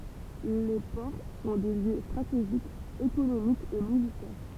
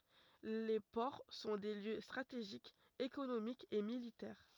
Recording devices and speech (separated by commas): temple vibration pickup, rigid in-ear microphone, read sentence